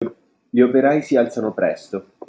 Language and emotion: Italian, neutral